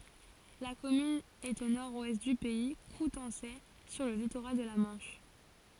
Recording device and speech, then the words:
forehead accelerometer, read sentence
La commune est au nord-ouest du Pays coutançais, sur le littoral de la Manche.

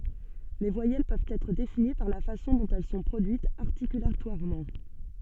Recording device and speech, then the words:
soft in-ear microphone, read sentence
Les voyelles peuvent être définies par la façon dont elles sont produites articulatoirement.

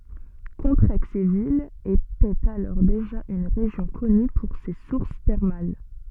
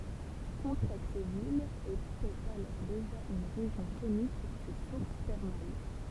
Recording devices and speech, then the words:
soft in-ear microphone, temple vibration pickup, read sentence
Contrexéville était alors déjà une région connue pour ses sources thermales.

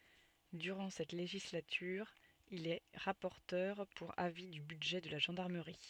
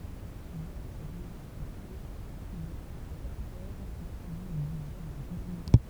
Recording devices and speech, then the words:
soft in-ear microphone, temple vibration pickup, read sentence
Durant cette législature, il est rapporteur pour avis du budget de la gendarmerie.

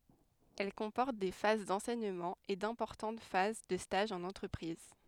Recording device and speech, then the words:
headset microphone, read sentence
Elle comporte des phases d'enseignement et d'importantes phases de stages en entreprise.

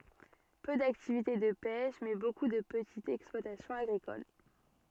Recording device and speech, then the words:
soft in-ear microphone, read sentence
Peu d'activité de pêche, mais beaucoup de petites exploitations agricoles.

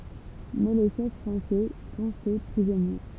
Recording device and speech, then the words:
temple vibration pickup, read sentence
Mais les chefs français sont faits prisonniers.

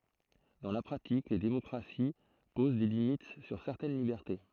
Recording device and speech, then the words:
throat microphone, read sentence
Dans la pratique, les démocraties posent des limites sur certaines libertés.

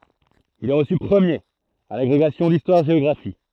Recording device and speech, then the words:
throat microphone, read sentence
Il est reçu premier à l'agrégation d'histoire-géographie.

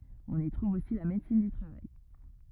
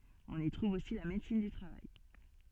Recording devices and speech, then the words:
rigid in-ear microphone, soft in-ear microphone, read sentence
On y trouve aussi la médecine du travail.

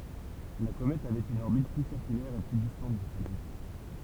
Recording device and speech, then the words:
temple vibration pickup, read sentence
La comète avait une orbite plus circulaire et plus distante du Soleil.

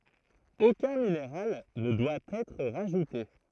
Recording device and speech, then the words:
throat microphone, read sentence
Aucun minéral ne doit être rajouté.

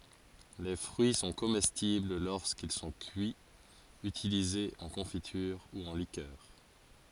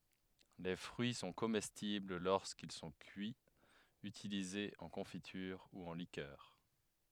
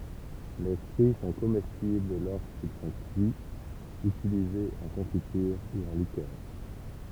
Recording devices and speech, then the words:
forehead accelerometer, headset microphone, temple vibration pickup, read sentence
Les fruits sont comestibles lorsqu'ils sont cuits, utilisés en confiture ou en liqueur.

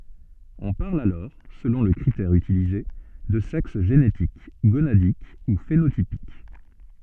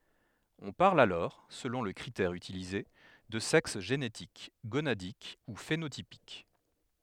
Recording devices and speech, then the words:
soft in-ear microphone, headset microphone, read sentence
On parle alors, selon le critère utilisé, de sexe génétique, gonadique ou phénotypique.

